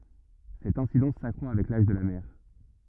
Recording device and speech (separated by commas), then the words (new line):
rigid in-ear microphone, read sentence
Cette incidence s’accroît avec l'âge de la mère.